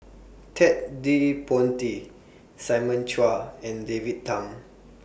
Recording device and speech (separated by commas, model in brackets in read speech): boundary microphone (BM630), read sentence